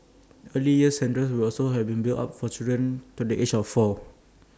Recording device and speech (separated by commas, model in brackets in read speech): standing microphone (AKG C214), read sentence